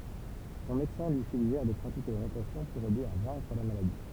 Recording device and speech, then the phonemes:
temple vibration pickup, read sentence
sɔ̃ medəsɛ̃ lyi syɡʒɛʁ də pʁatike la natasjɔ̃ puʁ ɛde a vɛ̃kʁ la maladi

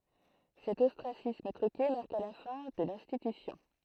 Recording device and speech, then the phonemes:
throat microphone, read sentence
sɛt ɔstʁasism tʁyke maʁka la fɛ̃ də lɛ̃stitysjɔ̃

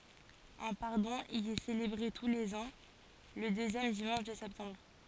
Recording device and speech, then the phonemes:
forehead accelerometer, read sentence
œ̃ paʁdɔ̃ i ɛ selebʁe tu lez ɑ̃ lə døzjɛm dimɑ̃ʃ də sɛptɑ̃bʁ

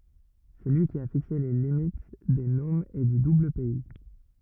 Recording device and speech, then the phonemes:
rigid in-ear microphone, read sentence
sɛ lyi ki a fikse le limit de nomz e dy dublpɛi

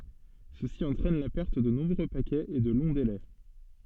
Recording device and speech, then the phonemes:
soft in-ear microphone, read sentence
səsi ɑ̃tʁɛn la pɛʁt də nɔ̃bʁø pakɛz e də lɔ̃ delɛ

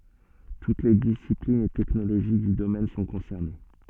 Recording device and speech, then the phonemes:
soft in-ear microphone, read sentence
tut le disiplinz e tɛknoloʒi dy domɛn sɔ̃ kɔ̃sɛʁne

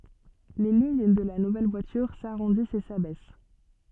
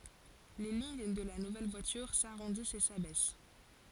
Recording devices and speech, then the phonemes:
soft in-ear microphone, forehead accelerometer, read sentence
le liɲ də la nuvɛl vwatyʁ saʁɔ̃dist e sabɛs

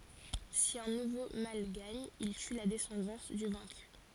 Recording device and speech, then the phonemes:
forehead accelerometer, read sentence
si œ̃ nuvo mal ɡaɲ il ty la dɛsɑ̃dɑ̃s dy vɛ̃ky

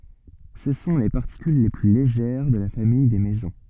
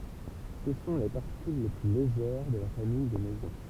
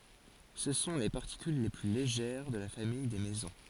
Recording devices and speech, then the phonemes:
soft in-ear microphone, temple vibration pickup, forehead accelerometer, read sentence
sə sɔ̃ le paʁtikyl le ply leʒɛʁ də la famij de mezɔ̃

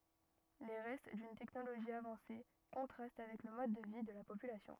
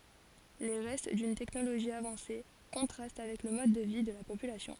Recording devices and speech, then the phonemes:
rigid in-ear microphone, forehead accelerometer, read sentence
le ʁɛst dyn tɛknoloʒi avɑ̃se kɔ̃tʁast avɛk lə mɔd də vi də la popylasjɔ̃

